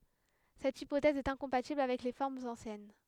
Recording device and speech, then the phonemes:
headset microphone, read sentence
sɛt ipotɛz ɛt ɛ̃kɔ̃patibl avɛk le fɔʁmz ɑ̃sjɛn

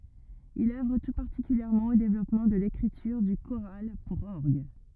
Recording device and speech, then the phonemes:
rigid in-ear microphone, read sentence
il œvʁ tu paʁtikyljɛʁmɑ̃ o devlɔpmɑ̃ də lekʁityʁ dy koʁal puʁ ɔʁɡ

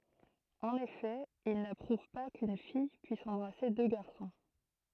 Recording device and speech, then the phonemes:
throat microphone, read sentence
ɑ̃n efɛ il napʁuv pa kyn fij pyis ɑ̃bʁase dø ɡaʁsɔ̃

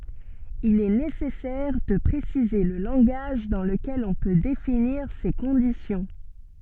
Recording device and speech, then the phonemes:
soft in-ear microphone, read sentence
il ɛ nesɛsɛʁ də pʁesize lə lɑ̃ɡaʒ dɑ̃ ləkɛl ɔ̃ pø definiʁ se kɔ̃disjɔ̃

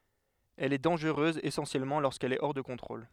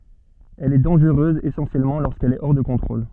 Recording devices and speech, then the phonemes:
headset microphone, soft in-ear microphone, read sentence
ɛl ɛ dɑ̃ʒʁøz esɑ̃sjɛlmɑ̃ loʁskɛl ɛ ɔʁ də kɔ̃tʁol

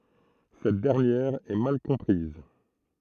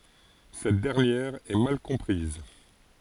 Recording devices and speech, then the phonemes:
throat microphone, forehead accelerometer, read sentence
sɛt dɛʁnjɛʁ ɛ mal kɔ̃pʁiz

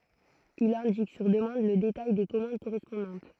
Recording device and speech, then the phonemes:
throat microphone, read sentence
il ɛ̃dik syʁ dəmɑ̃d lə detaj de kɔmɑ̃d koʁɛspɔ̃dɑ̃t

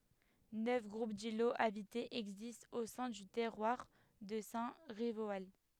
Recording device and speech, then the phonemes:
headset microphone, read sentence
nœf ɡʁup diloz abitez ɛɡzistt o sɛ̃ dy tɛʁwaʁ də sɛ̃ ʁivoal

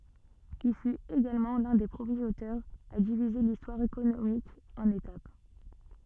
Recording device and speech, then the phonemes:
soft in-ear microphone, read sentence
il fyt eɡalmɑ̃ lœ̃ de pʁəmjez otœʁz a divize listwaʁ ekonomik ɑ̃n etap

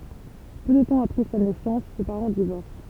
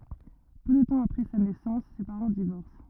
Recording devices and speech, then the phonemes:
temple vibration pickup, rigid in-ear microphone, read sentence
pø də tɑ̃ apʁɛ sa nɛsɑ̃s se paʁɑ̃ divɔʁs

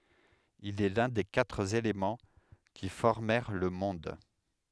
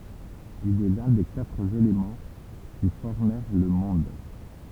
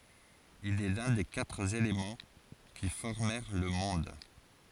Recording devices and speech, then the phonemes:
headset microphone, temple vibration pickup, forehead accelerometer, read sentence
il ɛ lœ̃ de katʁ elemɑ̃ ki fɔʁmɛʁ lə mɔ̃d

